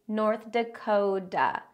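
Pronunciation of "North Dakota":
In 'Dakota', the t is a d or tap sound, not a voiceless t. The stress falls on 'North' and on the 'ko' of 'Dakota'.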